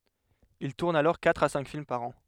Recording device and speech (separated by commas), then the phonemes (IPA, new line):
headset microphone, read sentence
il tuʁn alɔʁ katʁ a sɛ̃k film paʁ ɑ̃